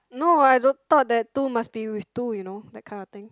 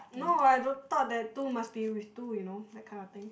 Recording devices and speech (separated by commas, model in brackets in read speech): close-talking microphone, boundary microphone, conversation in the same room